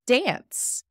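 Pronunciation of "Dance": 'Dance' is said in an American accent.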